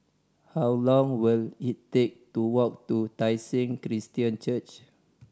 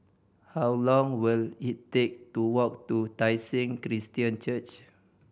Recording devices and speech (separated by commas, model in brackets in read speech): standing microphone (AKG C214), boundary microphone (BM630), read sentence